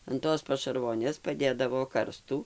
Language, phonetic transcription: Lithuanian, an ˈtos pašarˈvonės paˈdėdavo ˈkarstų

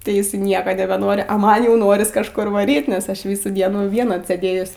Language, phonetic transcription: Lithuanian, tai ˈjis i ˈnieka nebeˈnori a ˈman jau ˈnoris kažˈkur vaˈryt nes ˈaš ˈvysų ˈdienų ˈvien atsėˈdėjus

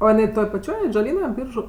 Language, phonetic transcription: Lithuanian, ˈo jiˈnai ˈtoj paˈčioj atžaˈlyna ˈbyržu

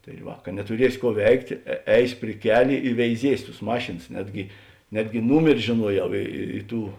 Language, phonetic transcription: Lithuanian, tai ˈva ka netuˈriesi ˈkuo ˈveiktė ˈeis' pri ˈkelė i veiˈziesiu tus ˈmašėns ˈnetgi ˈnetgi ˈnūmeri žėˈnuoˌjau i i ˈtų

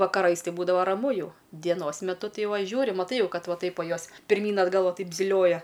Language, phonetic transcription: Lithuanian, vakaˈrais ˈtai ˈbūdava ˈramu ˈjau dieˈnos meˈtu ˈtai ˈva ˈžiūri maˈtai ˈjau ˈkad ˈva ˈtaip ˈva ˈjos pirˈmyn atˈgal ˈva ˈtaip ziˈlioja

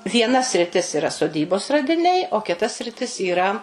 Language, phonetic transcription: Lithuanian, vieˈna sriˈtis iˈra soˈdybos radiˈniai o kiˈta sriˈtis yˈra

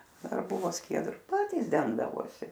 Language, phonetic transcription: Lithuanian, ˈdar ˈbuvo ˈskiedru ˈpatys ˈdengdavosi

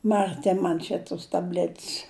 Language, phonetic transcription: Lithuanian, marˈti ˈman čia tus taˈblet's

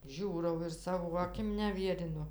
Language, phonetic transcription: Lithuanian, ˈžiūrau ir ˈsavo aˈkim neˈvierinu

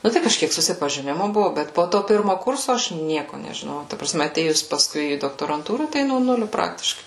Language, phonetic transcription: Lithuanian, ˈnu tai kažˈkiek susipažiˈnimu ˈbuvu ˈbet po ˈto ˈpirmo ˈkurso ˈaš ˈnieko nežiˈnojau ta praˈsme aˈtėjus paˈskui į doktoranˈtūrą ˈtai no ˈnuliu ˈpraktiškai

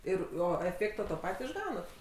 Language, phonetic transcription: Lithuanian, ˈir ˈo eˈfėkto ˈto ˈpat' išˈgaunat

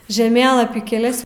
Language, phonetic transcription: Lithuanian, žeˈmėlapy keˈlias

